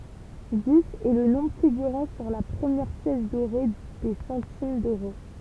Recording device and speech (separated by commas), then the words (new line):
temple vibration pickup, read sentence
Dix est le nombre figurant sur la première pièce dorée des centimes d'euros.